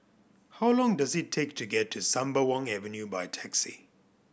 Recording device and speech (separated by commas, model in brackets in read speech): boundary microphone (BM630), read sentence